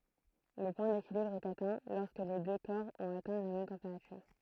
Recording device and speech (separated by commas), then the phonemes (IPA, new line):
throat microphone, read sentence
lə pwɛ̃ dekilibʁ ɛt atɛ̃ lɔʁskə le dø kɔʁ ɔ̃t atɛ̃ la mɛm tɑ̃peʁatyʁ